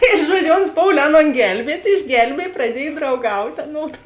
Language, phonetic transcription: Lithuanian, ir ˈžuodžiu ons ˈpoulė ˈaˌnon ˈgelbiet' išˈgelbiej praˈdiej drauˈgautė aˈnodu

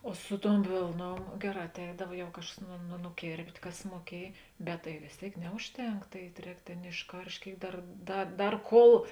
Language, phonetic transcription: Lithuanian, o ˈsu ˌtuom ˈvėlˌnuom ˈgeˌrā atˈeidav jau ˈkažkas nu nu nuˈkėrpt' ˈkas muoˈkiej bet tai vės ˈtėik ˈneužˌtenk ˈtai ˈrēk ˈtėn išˈkaršt' ˈkėik ˈdar ˈda ˈdar ˈkol

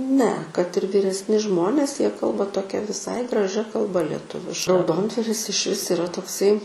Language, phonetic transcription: Lithuanian, ne kad ir vyresˈni ˈžmonės jie ˈkalba toˈkia viˈsai graˈžia kalˈba leˈtuviška rauˈdondvaris išˈvis iˈra tokˈsai

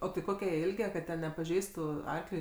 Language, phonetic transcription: Lithuanian, o tai ˈkoke jie ˈilge kad ˈten nepaˈžeistu ˈarkliui

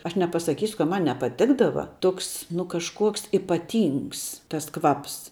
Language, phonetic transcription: Lithuanian, ˈaš nepasaˈkysiu kad ˈman nepaˈtikdava ˈtoks nu kažˈkuoks ipaˈtyngs tas ˈkvaps

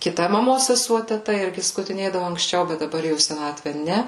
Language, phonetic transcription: Lithuanian, kiˈta maˈmos seˈsuo teˈta ˈirgi skutiˈnėdavu anksˈčiau bet daˈbar jau į seˈnatve ˈne

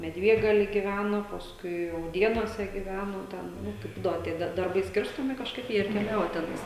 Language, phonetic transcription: Lithuanian, medˈviegaly giˈvæno pasˈkui rauˈdėnuose giˈvæno ˈten ˈnu kai ˈbūdavo tie dar darˈbai ˈskirstomi kažˈkaip ˈjie ir keˈliavo teˈnais

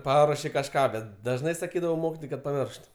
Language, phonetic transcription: Lithuanian, ˈparuoši kažˈką ˈbet dažˈnai saˈkydavau ˈmokitojai kad paˈmiršt

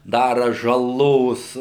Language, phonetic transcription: Lithuanian, ˈdara žaˈlos

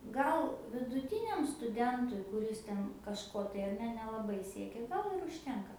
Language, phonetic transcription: Lithuanian, ˈgal viduˈtiniam stuˈdentui kuˈris ˈ ten kažˈko tai ar ˈne nelaˈbai ˈsiekia ˈgal ir užˈtenka

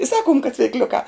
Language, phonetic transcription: Lithuanian, i ˈsakum kad cvikˈliukā

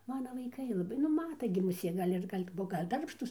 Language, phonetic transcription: Lithuanian, ˈmana vaiˈkai laˈbai nu ˈmata gi muˈsė gal' ˈir gal' ˈbuo gal' ˈdarbštūs

